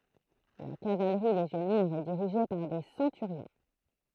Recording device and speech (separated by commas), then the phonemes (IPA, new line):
throat microphone, read sentence
la kavalʁi leʒjɔnɛʁ ɛ diʁiʒe paʁ de sɑ̃tyʁjɔ̃